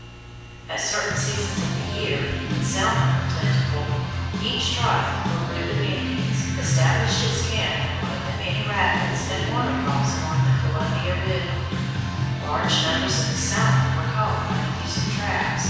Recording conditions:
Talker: one person; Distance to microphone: 7.1 m; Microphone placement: far; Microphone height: 1.7 m; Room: very reverberant, large; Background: music

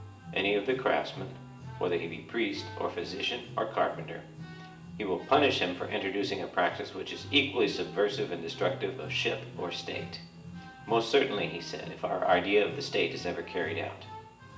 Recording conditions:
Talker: one person; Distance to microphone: 1.8 m; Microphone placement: close; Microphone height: 1.0 m; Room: large; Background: music

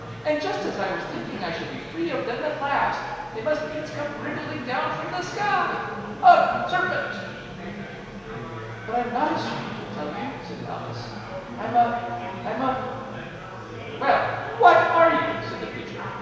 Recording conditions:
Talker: one person; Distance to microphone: 1.7 m; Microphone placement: close; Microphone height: 1.0 m; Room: very reverberant, large; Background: babble

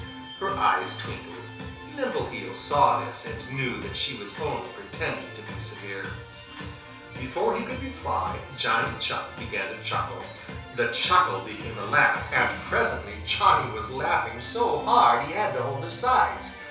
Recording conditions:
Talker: one person; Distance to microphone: 3.0 m; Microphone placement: far; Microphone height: 1.8 m; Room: small (3.7 m by 2.7 m); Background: music

